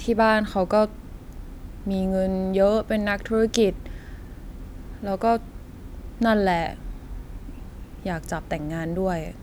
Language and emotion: Thai, frustrated